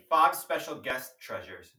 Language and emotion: English, neutral